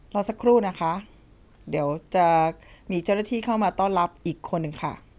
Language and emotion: Thai, neutral